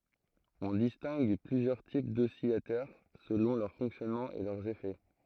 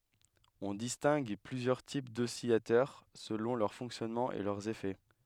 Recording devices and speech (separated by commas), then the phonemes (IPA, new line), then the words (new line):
throat microphone, headset microphone, read sentence
ɔ̃ distɛ̃ɡ plyzjœʁ tip dɔsilatœʁ səlɔ̃ lœʁ fɔ̃ksjɔnmɑ̃ e lœʁz efɛ
On distingue plusieurs types d'oscillateurs selon leur fonctionnement et leurs effets.